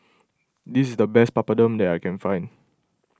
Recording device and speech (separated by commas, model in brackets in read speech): close-talking microphone (WH20), read sentence